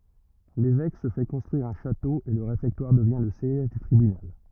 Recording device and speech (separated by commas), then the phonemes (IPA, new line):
rigid in-ear microphone, read sentence
levɛk sə fɛ kɔ̃stʁyiʁ œ̃ ʃato e lə ʁefɛktwaʁ dəvjɛ̃ lə sjɛʒ dy tʁibynal